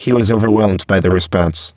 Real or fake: fake